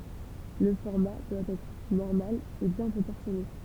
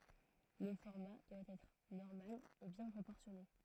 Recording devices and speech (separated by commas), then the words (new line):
temple vibration pickup, throat microphone, read sentence
Le format doit être normal et bien proportionné.